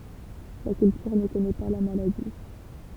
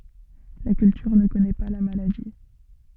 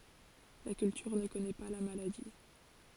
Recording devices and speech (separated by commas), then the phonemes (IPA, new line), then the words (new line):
temple vibration pickup, soft in-ear microphone, forehead accelerometer, read sentence
la kyltyʁ nə kɔnɛ pa la maladi
La Culture ne connaît pas la maladie.